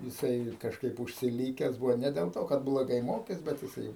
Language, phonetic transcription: Lithuanian, jiˈsai kažˈkaip užsiˈlykes ˈbūvo ne del ˈto kad bloˈgai ˈmokės ˈbet jiˈsai

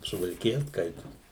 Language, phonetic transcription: Lithuanian, suvalkiˈja ˈskaitos

